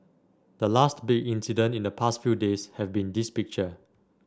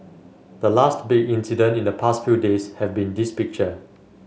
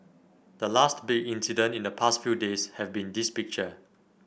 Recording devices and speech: standing microphone (AKG C214), mobile phone (Samsung S8), boundary microphone (BM630), read sentence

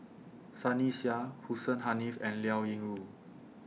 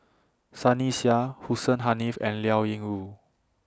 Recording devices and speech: mobile phone (iPhone 6), standing microphone (AKG C214), read sentence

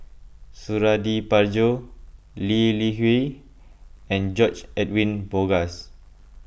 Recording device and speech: boundary microphone (BM630), read sentence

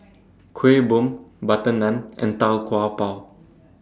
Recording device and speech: standing microphone (AKG C214), read sentence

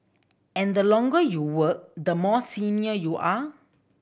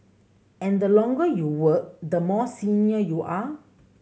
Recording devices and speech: boundary microphone (BM630), mobile phone (Samsung C7100), read sentence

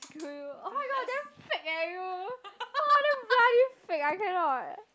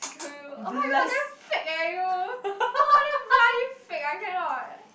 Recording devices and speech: close-talking microphone, boundary microphone, conversation in the same room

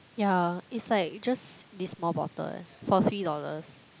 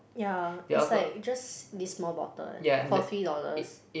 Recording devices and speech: close-talking microphone, boundary microphone, conversation in the same room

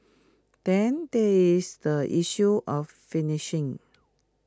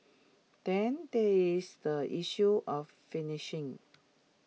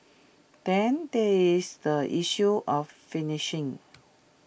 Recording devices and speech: close-talking microphone (WH20), mobile phone (iPhone 6), boundary microphone (BM630), read sentence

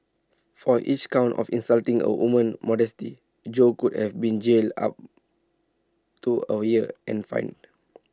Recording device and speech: standing microphone (AKG C214), read sentence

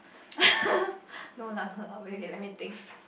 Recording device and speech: boundary microphone, conversation in the same room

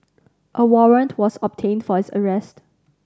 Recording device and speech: standing microphone (AKG C214), read sentence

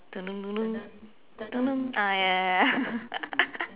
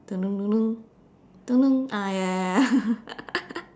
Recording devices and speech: telephone, standing microphone, conversation in separate rooms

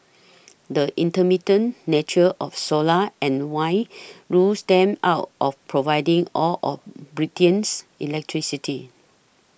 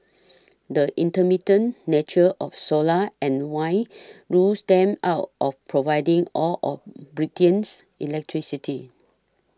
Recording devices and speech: boundary microphone (BM630), standing microphone (AKG C214), read sentence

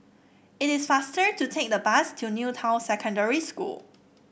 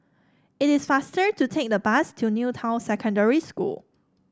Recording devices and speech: boundary microphone (BM630), standing microphone (AKG C214), read sentence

